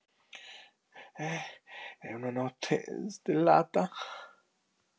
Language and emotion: Italian, fearful